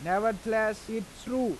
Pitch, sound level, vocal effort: 220 Hz, 93 dB SPL, loud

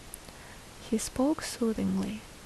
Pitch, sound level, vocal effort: 225 Hz, 68 dB SPL, soft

